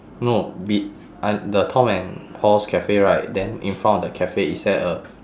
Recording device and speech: standing microphone, conversation in separate rooms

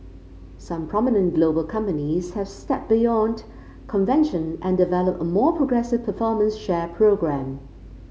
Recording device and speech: mobile phone (Samsung C5), read sentence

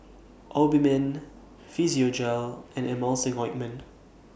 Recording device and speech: boundary microphone (BM630), read sentence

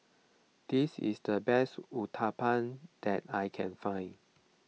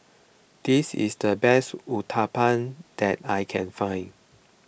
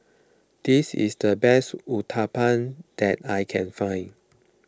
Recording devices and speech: mobile phone (iPhone 6), boundary microphone (BM630), close-talking microphone (WH20), read sentence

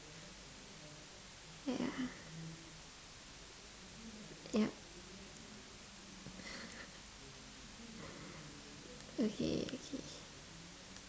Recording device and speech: standing microphone, conversation in separate rooms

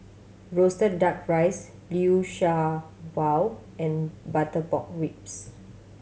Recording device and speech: mobile phone (Samsung C7100), read sentence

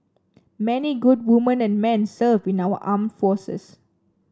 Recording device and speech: standing microphone (AKG C214), read sentence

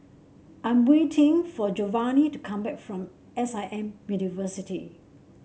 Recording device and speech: mobile phone (Samsung C7), read sentence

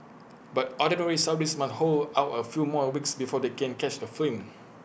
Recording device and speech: boundary microphone (BM630), read sentence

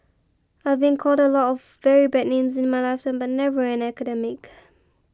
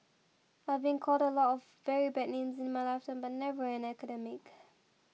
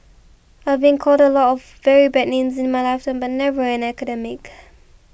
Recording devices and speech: close-talking microphone (WH20), mobile phone (iPhone 6), boundary microphone (BM630), read sentence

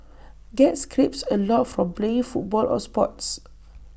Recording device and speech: boundary microphone (BM630), read sentence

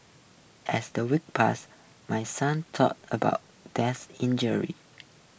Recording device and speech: boundary microphone (BM630), read sentence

